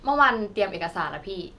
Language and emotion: Thai, neutral